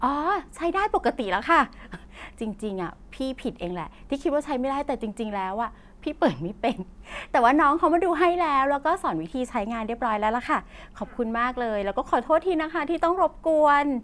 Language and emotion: Thai, happy